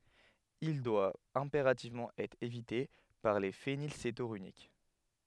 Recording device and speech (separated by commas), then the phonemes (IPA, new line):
headset microphone, read sentence
il dwa ɛ̃peʁativmɑ̃ ɛtʁ evite paʁ le fenilsetonyʁik